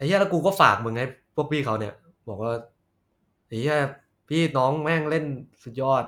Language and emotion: Thai, neutral